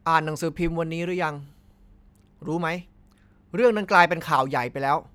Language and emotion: Thai, angry